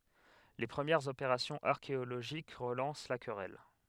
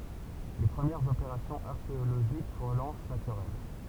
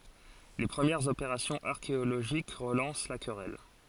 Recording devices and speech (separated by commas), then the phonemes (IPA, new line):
headset microphone, temple vibration pickup, forehead accelerometer, read sentence
le pʁəmjɛʁz opeʁasjɔ̃z aʁkeoloʒik ʁəlɑ̃s la kʁɛl